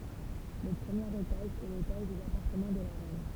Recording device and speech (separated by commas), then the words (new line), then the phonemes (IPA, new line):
temple vibration pickup, read sentence
Le premier étage est l'étage des appartements de la reine.
lə pʁəmjeʁ etaʒ ɛ letaʒ dez apaʁtəmɑ̃ də la ʁɛn